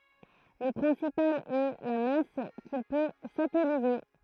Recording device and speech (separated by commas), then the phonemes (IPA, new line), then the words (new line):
throat microphone, read sentence
lə pʁɛ̃sipal ɛ la mas kil pø satɛlize
Le principal est la masse qu'il peut satelliser.